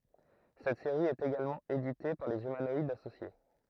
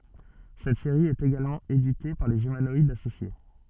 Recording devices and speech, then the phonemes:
throat microphone, soft in-ear microphone, read sentence
sɛt seʁi ɛt eɡalmɑ̃ edite paʁ lez ymanɔidz asosje

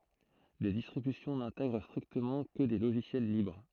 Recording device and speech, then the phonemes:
throat microphone, read sentence
de distʁibysjɔ̃ nɛ̃tɛɡʁ stʁiktəmɑ̃ kə de loʒisjɛl libʁ

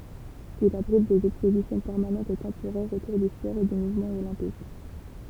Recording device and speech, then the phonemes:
temple vibration pickup, read sentence
il abʁit dez ɛkspozisjɔ̃ pɛʁmanɑ̃tz e tɑ̃poʁɛʁz otuʁ dy spɔʁ e dy muvmɑ̃ olɛ̃pik

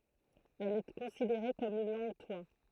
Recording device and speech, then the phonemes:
throat microphone, read sentence
ɛl ɛ kɔ̃sideʁe kɔm yn lɑ̃ɡtwa

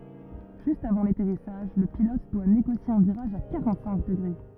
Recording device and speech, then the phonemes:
rigid in-ear microphone, read sentence
ʒyst avɑ̃ latɛʁisaʒ lə pilɔt dwa neɡosje œ̃ viʁaʒ a kaʁɑ̃tsɛ̃k dəɡʁe

